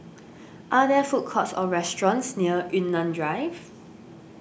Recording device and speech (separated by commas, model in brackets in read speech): boundary microphone (BM630), read sentence